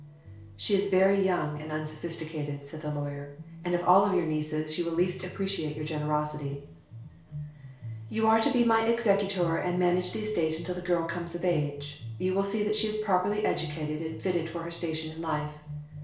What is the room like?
A small space (about 3.7 m by 2.7 m).